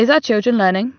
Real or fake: real